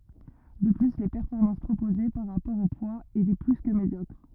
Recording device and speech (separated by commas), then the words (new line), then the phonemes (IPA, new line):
rigid in-ear microphone, read sentence
De plus, les performances proposées, par rapport au poids étaient plus que médiocres.
də ply le pɛʁfɔʁmɑ̃s pʁopoze paʁ ʁapɔʁ o pwaz etɛ ply kə medjɔkʁ